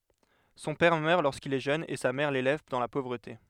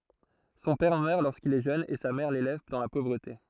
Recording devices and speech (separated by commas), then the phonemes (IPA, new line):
headset microphone, throat microphone, read sentence
sɔ̃ pɛʁ mœʁ loʁskil ɛ ʒøn e sa mɛʁ lelɛv dɑ̃ la povʁəte